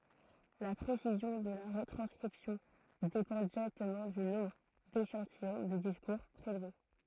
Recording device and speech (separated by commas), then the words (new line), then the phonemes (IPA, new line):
throat microphone, read sentence
La précision de la retranscription dépend directement du nombre d’échantillons de discours prélevés.
la pʁesizjɔ̃ də la ʁətʁɑ̃skʁipsjɔ̃ depɑ̃ diʁɛktəmɑ̃ dy nɔ̃bʁ deʃɑ̃tijɔ̃ də diskuʁ pʁelve